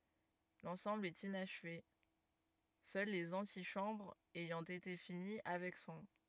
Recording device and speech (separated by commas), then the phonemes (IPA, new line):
rigid in-ear microphone, read sentence
lɑ̃sɑ̃bl ɛt inaʃve sœl lez ɑ̃tiʃɑ̃bʁz ɛjɑ̃ ete fini avɛk swɛ̃